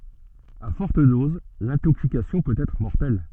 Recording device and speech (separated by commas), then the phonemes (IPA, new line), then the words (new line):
soft in-ear microphone, read sentence
a fɔʁt doz lɛ̃toksikasjɔ̃ pøt ɛtʁ mɔʁtɛl
À fortes doses, l'intoxication peut être mortelle.